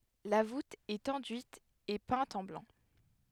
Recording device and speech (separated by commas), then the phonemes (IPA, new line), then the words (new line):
headset microphone, read sentence
la vut ɛt ɑ̃dyit e pɛ̃t ɑ̃ blɑ̃
La voûte est enduite et peinte en blanc.